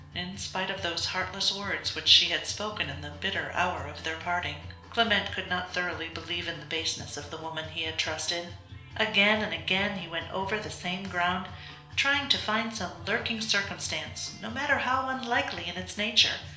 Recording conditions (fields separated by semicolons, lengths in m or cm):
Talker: one person; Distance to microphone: 1.0 m; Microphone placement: close; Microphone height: 1.1 m; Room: small (3.7 m by 2.7 m); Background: music